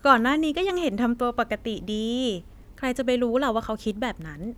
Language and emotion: Thai, happy